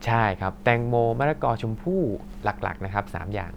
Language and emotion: Thai, neutral